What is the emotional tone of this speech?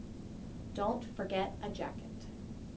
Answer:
neutral